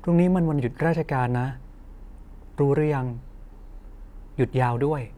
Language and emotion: Thai, neutral